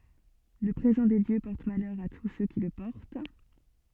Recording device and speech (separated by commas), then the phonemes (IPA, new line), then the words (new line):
soft in-ear microphone, read sentence
lə pʁezɑ̃ de djø pɔʁt malœʁ a tus sø ki lə pɔʁt
Le présent des dieux porte malheur à tous ceux qui le portent.